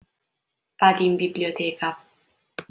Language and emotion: Italian, neutral